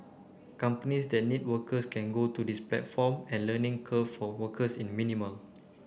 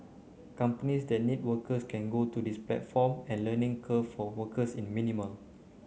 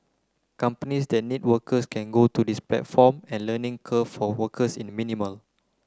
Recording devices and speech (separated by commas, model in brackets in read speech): boundary microphone (BM630), mobile phone (Samsung C9), close-talking microphone (WH30), read sentence